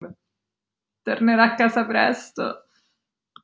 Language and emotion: Italian, sad